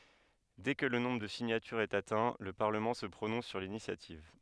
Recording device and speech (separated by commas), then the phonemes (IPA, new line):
headset microphone, read sentence
dɛ kə lə nɔ̃bʁ də siɲatyʁz ɛt atɛ̃ lə paʁləmɑ̃ sə pʁonɔ̃s syʁ linisjativ